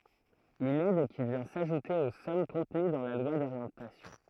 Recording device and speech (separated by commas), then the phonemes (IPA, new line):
throat microphone, read sentence
yn ɛd ki vjɛ̃ saʒute o sɔm kɔ̃təny dɑ̃ la lwa doʁjɑ̃tasjɔ̃